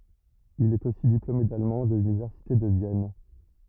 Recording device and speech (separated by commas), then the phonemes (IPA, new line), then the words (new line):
rigid in-ear microphone, read sentence
il ɛt osi diplome dalmɑ̃ də lynivɛʁsite də vjɛn
Il est aussi diplômé d'allemand de l'université de Vienne.